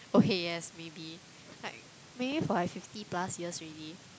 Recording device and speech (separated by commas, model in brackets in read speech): close-talking microphone, conversation in the same room